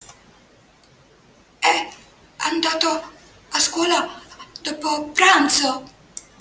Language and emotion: Italian, fearful